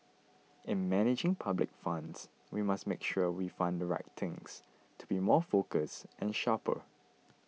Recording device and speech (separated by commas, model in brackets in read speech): mobile phone (iPhone 6), read sentence